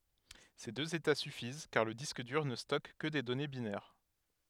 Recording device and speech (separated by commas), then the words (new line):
headset microphone, read sentence
Ces deux états suffisent car le disque dur ne stocke que des données binaires.